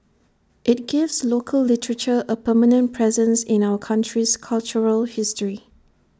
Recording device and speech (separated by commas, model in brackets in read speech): standing microphone (AKG C214), read sentence